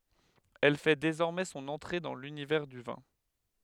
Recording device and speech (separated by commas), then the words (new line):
headset microphone, read sentence
Elle fait désormais son entrée dans l'univers du vin.